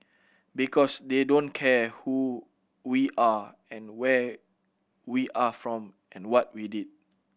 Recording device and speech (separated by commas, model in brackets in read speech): boundary microphone (BM630), read sentence